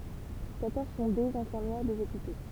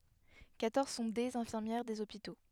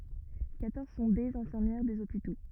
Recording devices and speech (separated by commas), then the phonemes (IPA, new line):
temple vibration pickup, headset microphone, rigid in-ear microphone, read sentence
kwatɔʁz sɔ̃ dez ɛ̃fiʁmjɛʁ dez opito